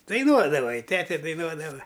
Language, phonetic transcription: Lithuanian, daiˈnuodava i ˈtete daiˈnuodava

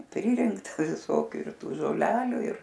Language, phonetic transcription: Lithuanian, ˈpririnkta viˈsokių ir ˈtų žoˈlelių ir

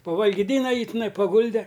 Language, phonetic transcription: Lithuanian, pavalgyˈdyna ˈjį tiˈnai paˈgulde

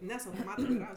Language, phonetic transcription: Lithuanian, ˈnes autoˈmata vaiˈravs

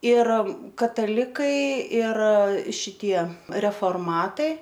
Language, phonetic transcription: Lithuanian, ir kataˈlikai ir šiˈtie reforˈmatai

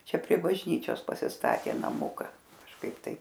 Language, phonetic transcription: Lithuanian, ˈčia prie bažˈnyčios pasisˈtatė naˈmuka kažˈkaip ˈtaip

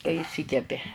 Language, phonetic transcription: Lithuanian, kai iˈšsykepi

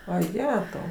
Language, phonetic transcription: Lithuanian, vaˈjetau

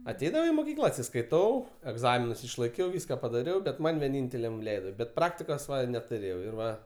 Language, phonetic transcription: Lithuanian, aˈteidavau i moˈkykla atsiskaiˈtau egˈzaminus išlaiˈkiau ˈvyska padaˈriau bet ˈman' vieˈnynteliam ˈleido bet ˈpraktikos netuˈrėjau ir ˈva

